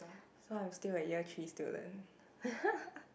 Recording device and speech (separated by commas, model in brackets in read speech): boundary microphone, conversation in the same room